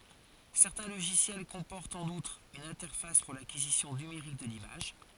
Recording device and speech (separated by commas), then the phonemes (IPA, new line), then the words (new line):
forehead accelerometer, read sentence
sɛʁtɛ̃ loʒisjɛl kɔ̃pɔʁtt ɑ̃n utʁ yn ɛ̃tɛʁfas puʁ lakizisjɔ̃ nymeʁik də limaʒ
Certains logiciels comportent, en outre, une interface pour l'acquisition numérique de l'image.